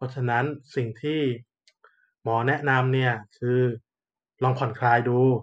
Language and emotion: Thai, neutral